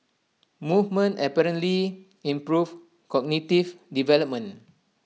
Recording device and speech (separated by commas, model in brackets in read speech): mobile phone (iPhone 6), read sentence